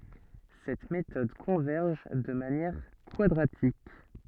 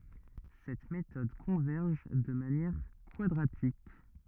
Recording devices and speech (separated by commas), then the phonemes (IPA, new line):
soft in-ear microphone, rigid in-ear microphone, read sentence
sɛt metɔd kɔ̃vɛʁʒ də manjɛʁ kwadʁatik